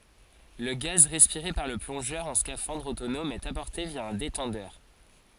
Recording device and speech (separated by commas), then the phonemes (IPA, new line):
forehead accelerometer, read sentence
lə ɡaz ʁɛspiʁe paʁ lə plɔ̃ʒœʁ ɑ̃ skafɑ̃dʁ otonɔm ɛt apɔʁte vja œ̃ detɑ̃dœʁ